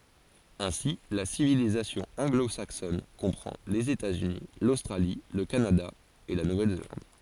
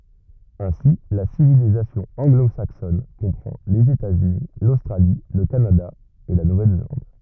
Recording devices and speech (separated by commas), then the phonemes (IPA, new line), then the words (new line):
forehead accelerometer, rigid in-ear microphone, read sentence
ɛ̃si la sivilizasjɔ̃ ɑ̃ɡlozaksɔn kɔ̃pʁɑ̃ lez etatsyni lostʁali lə kanada e la nuvɛlzelɑ̃d
Ainsi, la civilisation anglo-saxonne comprend les États-Unis, l'Australie, le Canada et la Nouvelle-Zélande.